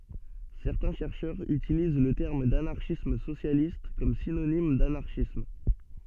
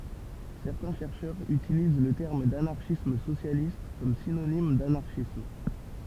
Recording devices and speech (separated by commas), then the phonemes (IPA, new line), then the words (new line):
soft in-ear microphone, temple vibration pickup, read sentence
sɛʁtɛ̃ ʃɛʁʃœʁz ytiliz lə tɛʁm danaʁʃism sosjalist kɔm sinonim danaʁʃism
Certains chercheurs utilisent le terme d'anarchisme socialiste comme synonyme d'anarchisme.